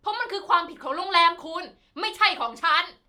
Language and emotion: Thai, angry